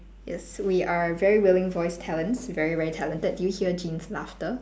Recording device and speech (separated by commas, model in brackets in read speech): standing microphone, conversation in separate rooms